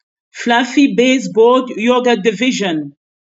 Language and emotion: English, neutral